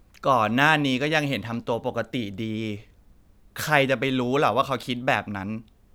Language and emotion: Thai, frustrated